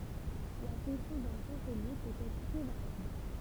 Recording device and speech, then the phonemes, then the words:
temple vibration pickup, read sentence
la fɔ̃ksjɔ̃ dœ̃ ʃɑ̃səlje pøt ɛtʁ tʁɛ vaʁjabl
La fonction d'un chancelier peut être très variable.

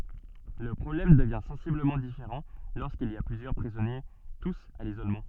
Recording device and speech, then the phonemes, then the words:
soft in-ear microphone, read sentence
lə pʁɔblɛm dəvjɛ̃ sɑ̃sibləmɑ̃ difeʁɑ̃ loʁskilz i a plyzjœʁ pʁizɔnje tus a lizolmɑ̃
Le problème devient sensiblement différent lorsqu'ils y a plusieurs prisonniers tous à l'isolement.

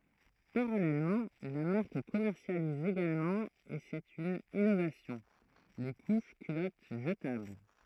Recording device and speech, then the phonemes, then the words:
throat microphone, read sentence
paʁalɛlmɑ̃ la maʁk kɔmɛʁsjaliz eɡalmɑ̃ e sɛt yn inovasjɔ̃ le kuʃ kylɔt ʒətabl
Parallèlement, la marque commercialise également et c’est une innovation, les couches culottes jetables.

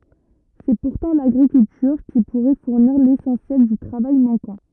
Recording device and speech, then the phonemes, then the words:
rigid in-ear microphone, read sentence
sɛ puʁtɑ̃ laɡʁikyltyʁ ki puʁɛ fuʁniʁ lesɑ̃sjɛl dy tʁavaj mɑ̃kɑ̃
C’est pourtant l’agriculture qui pourrait fournir l’essentiel du travail manquant.

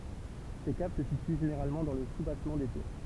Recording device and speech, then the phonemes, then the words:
temple vibration pickup, read sentence
se kav sə sity ʒeneʁalmɑ̃ dɑ̃ lə subasmɑ̃ de tuʁ
Ces caves se situent généralement dans le soubassement des tours.

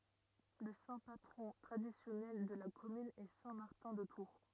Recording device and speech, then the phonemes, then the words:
rigid in-ear microphone, read sentence
lə sɛ̃ patʁɔ̃ tʁadisjɔnɛl də la kɔmyn ɛ sɛ̃ maʁtɛ̃ də tuʁ
Le saint patron traditionnel de la commune est saint Martin de Tours.

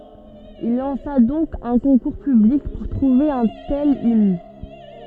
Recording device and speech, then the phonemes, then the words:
soft in-ear microphone, read sentence
il lɑ̃sa dɔ̃k œ̃ kɔ̃kuʁ pyblik puʁ tʁuve œ̃ tɛl imn
Il lança donc un concours public pour trouver un tel hymne.

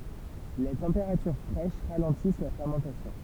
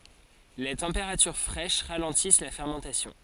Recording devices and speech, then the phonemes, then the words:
temple vibration pickup, forehead accelerometer, read sentence
le tɑ̃peʁatyʁ fʁɛʃ ʁalɑ̃tis la fɛʁmɑ̃tasjɔ̃
Les températures fraîches ralentissent la fermentation.

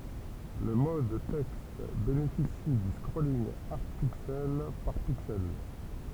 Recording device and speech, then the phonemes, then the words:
temple vibration pickup, read sentence
lə mɔd tɛkst benefisi dy skʁolinɡ aʁd piksɛl paʁ piksɛl
Le mode texte bénéficie du scrolling hard pixel par pixel.

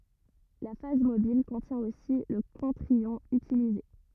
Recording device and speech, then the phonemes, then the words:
rigid in-ear microphone, read sentence
la faz mobil kɔ̃tjɛ̃ osi lə kɔ̃tʁ jɔ̃ ytilize
La phase mobile contient aussi le contre-ion utilisé.

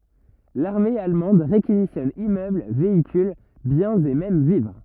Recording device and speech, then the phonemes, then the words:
rigid in-ear microphone, read sentence
laʁme almɑ̃d ʁekizisjɔn immøbl veikyl bjɛ̃z e mɛm vivʁ
L'armée allemande réquisitionne immeubles, véhicules, biens et même vivres.

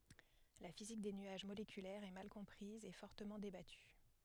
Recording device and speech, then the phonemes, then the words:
headset microphone, read sentence
la fizik de nyaʒ molekylɛʁz ɛ mal kɔ̃pʁiz e fɔʁtəmɑ̃ debaty
La physique des nuages moléculaires est mal comprise et fortement débattue.

